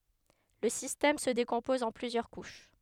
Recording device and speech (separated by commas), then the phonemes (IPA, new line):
headset microphone, read sentence
lə sistɛm sə dekɔ̃pɔz ɑ̃ plyzjœʁ kuʃ